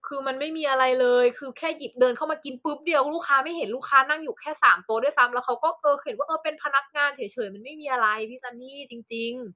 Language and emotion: Thai, neutral